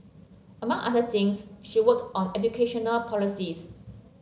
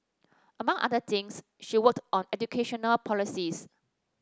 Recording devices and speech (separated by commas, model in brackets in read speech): mobile phone (Samsung C7), standing microphone (AKG C214), read sentence